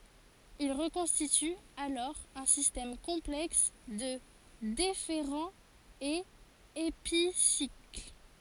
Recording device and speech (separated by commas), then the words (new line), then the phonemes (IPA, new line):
forehead accelerometer, read sentence
Il reconstitue alors un système complexe de déférents et épicycles.
il ʁəkɔ̃stity alɔʁ œ̃ sistɛm kɔ̃plɛks də defeʁɑ̃z e episikl